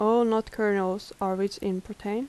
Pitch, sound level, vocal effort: 210 Hz, 81 dB SPL, soft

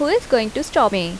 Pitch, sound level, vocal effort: 235 Hz, 83 dB SPL, normal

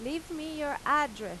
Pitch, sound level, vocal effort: 295 Hz, 94 dB SPL, loud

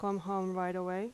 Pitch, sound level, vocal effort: 190 Hz, 84 dB SPL, normal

